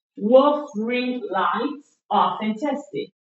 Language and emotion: English, neutral